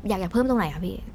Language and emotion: Thai, neutral